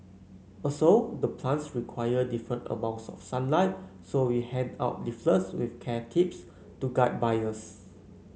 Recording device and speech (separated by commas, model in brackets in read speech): mobile phone (Samsung C9), read sentence